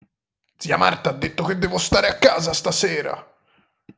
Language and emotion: Italian, angry